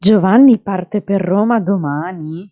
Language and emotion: Italian, surprised